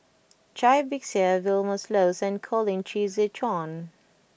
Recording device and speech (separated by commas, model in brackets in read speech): boundary microphone (BM630), read sentence